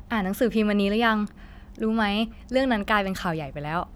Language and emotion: Thai, happy